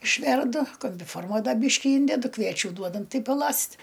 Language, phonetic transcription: Lithuanian, išˈverdu kombiˈforma ˈda ˈbyški ˈyndedu ˈkviečiu ˈduodam ˈtai paˈlast'

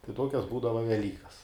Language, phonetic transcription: Lithuanian, tai ˈtokias ˈbūdava veˈlykas

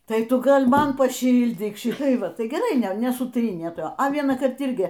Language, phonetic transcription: Lithuanian, ˈtai ˈtu ˈgal ˈman paˈšyldyk ˈšitai ˈva ˈtai geˈrai ˈne nesuˈtrynė ˈta a vienąˈkart ˈirgi

